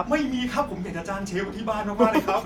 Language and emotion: Thai, happy